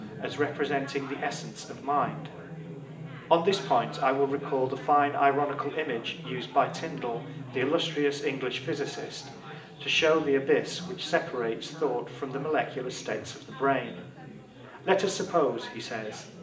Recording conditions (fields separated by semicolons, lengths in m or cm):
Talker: one person; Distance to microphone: 1.8 m; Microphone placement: close; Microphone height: 1.0 m; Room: large; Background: babble